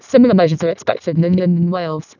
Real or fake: fake